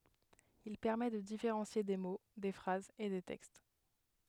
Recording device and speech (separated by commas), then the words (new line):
headset microphone, read sentence
Il permet de différencier des mots, des phrases et des textes.